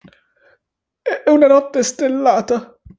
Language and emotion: Italian, fearful